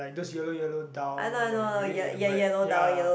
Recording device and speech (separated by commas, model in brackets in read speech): boundary microphone, conversation in the same room